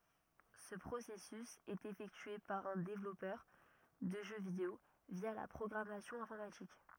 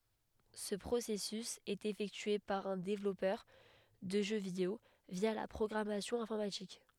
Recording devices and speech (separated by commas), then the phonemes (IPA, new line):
rigid in-ear microphone, headset microphone, read sentence
sə pʁosɛsys ɛt efɛktye paʁ œ̃ devlɔpœʁ də ʒø video vja la pʁɔɡʁamasjɔ̃ ɛ̃fɔʁmatik